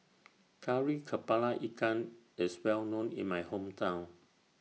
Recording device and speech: mobile phone (iPhone 6), read sentence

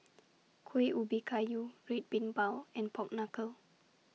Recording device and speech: mobile phone (iPhone 6), read sentence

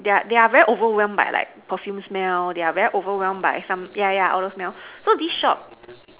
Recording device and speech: telephone, conversation in separate rooms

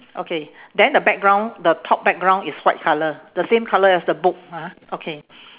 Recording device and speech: telephone, conversation in separate rooms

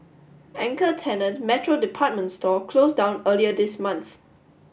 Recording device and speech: boundary microphone (BM630), read sentence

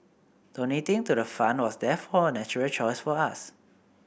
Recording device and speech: boundary microphone (BM630), read sentence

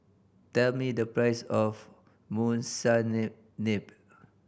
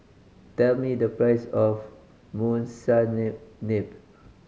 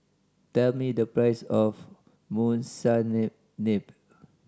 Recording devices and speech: boundary microphone (BM630), mobile phone (Samsung C5010), standing microphone (AKG C214), read sentence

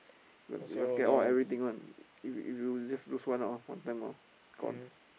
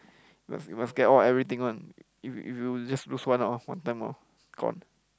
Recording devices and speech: boundary microphone, close-talking microphone, conversation in the same room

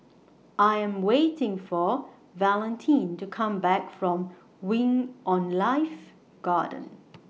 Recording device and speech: mobile phone (iPhone 6), read sentence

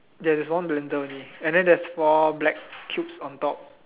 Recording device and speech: telephone, conversation in separate rooms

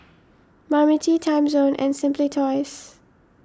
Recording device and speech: standing microphone (AKG C214), read sentence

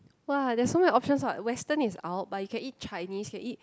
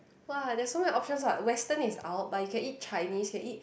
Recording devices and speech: close-talking microphone, boundary microphone, conversation in the same room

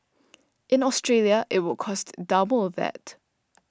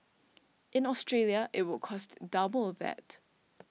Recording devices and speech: standing microphone (AKG C214), mobile phone (iPhone 6), read sentence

